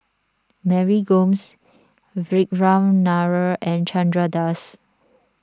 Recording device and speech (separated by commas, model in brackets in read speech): standing microphone (AKG C214), read sentence